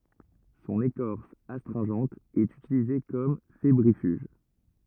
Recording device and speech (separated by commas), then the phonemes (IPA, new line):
rigid in-ear microphone, read sentence
sɔ̃n ekɔʁs astʁɛ̃ʒɑ̃t ɛt ytilize kɔm febʁifyʒ